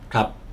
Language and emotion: Thai, neutral